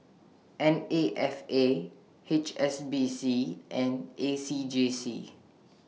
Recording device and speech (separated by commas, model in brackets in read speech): mobile phone (iPhone 6), read sentence